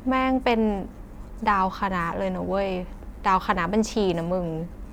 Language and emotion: Thai, frustrated